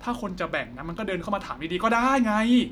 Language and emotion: Thai, angry